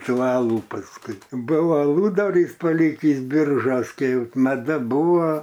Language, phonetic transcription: Lithuanian, ˈtų ˈalų pasˈkui ˈbuvo aˈludarys paˈlikįs ˈbiržos ˈkai ˈjau maˈda ˈbūvo

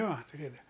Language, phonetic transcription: Lithuanian, ˈjo tuˈrėdava

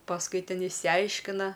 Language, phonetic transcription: Lithuanian, pasˈkui ˈten išsiˈaiškina

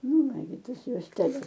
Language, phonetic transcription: Lithuanian, ˈnu ˈnagi ˈtas juosteˈles

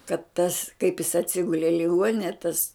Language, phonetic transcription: Lithuanian, kad tas kaip jis atˈsigule i liˈguonine tas

